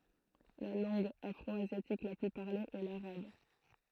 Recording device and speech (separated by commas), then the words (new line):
throat microphone, read sentence
La langue afro-asiatique la plus parlée est l'arabe.